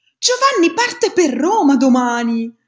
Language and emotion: Italian, surprised